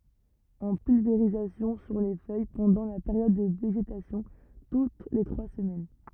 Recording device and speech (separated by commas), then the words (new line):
rigid in-ear microphone, read sentence
En pulvérisation sur les feuilles pendant la période de végétation, toutes les trois semaines.